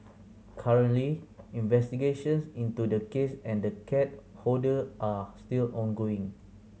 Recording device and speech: mobile phone (Samsung C7100), read sentence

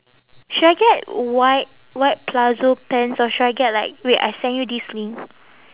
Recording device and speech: telephone, conversation in separate rooms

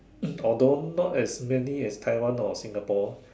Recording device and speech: standing microphone, conversation in separate rooms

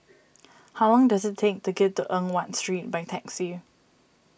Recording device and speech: boundary microphone (BM630), read sentence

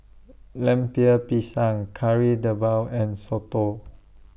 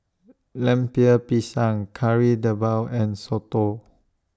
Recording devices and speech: boundary microphone (BM630), standing microphone (AKG C214), read sentence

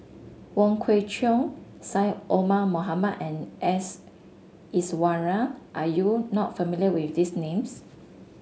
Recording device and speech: mobile phone (Samsung S8), read sentence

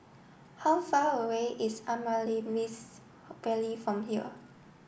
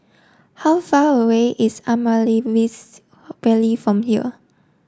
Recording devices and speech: boundary microphone (BM630), standing microphone (AKG C214), read sentence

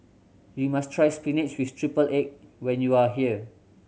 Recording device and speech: mobile phone (Samsung C7100), read sentence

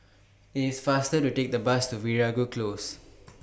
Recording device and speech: boundary microphone (BM630), read sentence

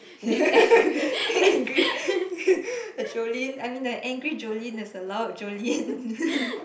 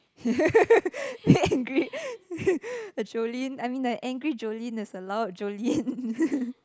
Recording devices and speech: boundary microphone, close-talking microphone, conversation in the same room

